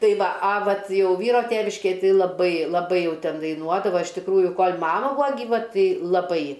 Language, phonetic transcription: Lithuanian, ˈtai ˈva a ˈvat ˈjau ˈvyro ˈtėviškėj ˈtai laˈbai laˈbai ˈjau ˈten daiˈnuodava iš tikˈrųju ˈkol' ˈmama ˈbūa gyˈva ˈtai laˈbai

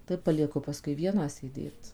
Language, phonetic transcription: Lithuanian, tai palieˈku paˈskui ˈvieną sėˈdėt

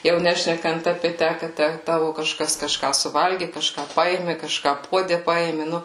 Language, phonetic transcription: Lithuanian, jau ˈnešnekant apė ˈtæ ka ˈtæ ˈtavu kaˈžkas kaˈžką suˈvalgi kaˈžką ˈpaėmi kaˈžką ˈpuode ˈpaėmi ˈnu

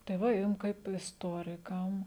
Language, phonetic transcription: Lithuanian, tai ˈva ˈjum kaip isˈtorikam

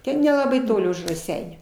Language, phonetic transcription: Lithuanian, ˈten nelaˈbai ˈtoli už raˈseinių

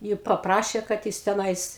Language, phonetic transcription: Lithuanian, ˈjį paˈprašė kad ˈjis teˈnais

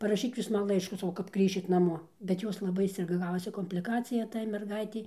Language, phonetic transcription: Lithuanian, paraˈšyk ˈjūs ˈman ˈlaiškų saˈkau kap ˈgrįšit naˈmo bet ˈjos laˈbai ˈsirga ˈgavosi kompliˈkacija tai merˈgaitei

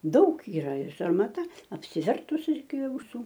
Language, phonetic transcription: Lithuanian, ˈdaug yˈra ir sarmaˈta apsiˈvertus iki auˈsų

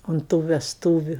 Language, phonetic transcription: Lithuanian, unt tų vesˈtūviu

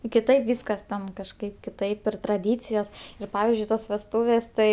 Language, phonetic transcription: Lithuanian, kiˈtaip ˈvyskas ten kažˈkaip kiˈtaip ir traˈdycijos ir ˈpavizdžiui ˈtos vesˈtūvės ˈtai

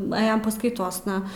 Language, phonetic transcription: Lithuanian, nuˈejom paskaiˈtosna

